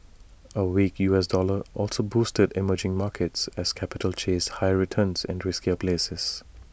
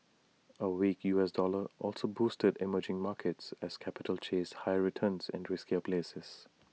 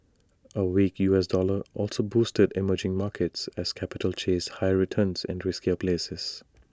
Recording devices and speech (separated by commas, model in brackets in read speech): boundary microphone (BM630), mobile phone (iPhone 6), standing microphone (AKG C214), read sentence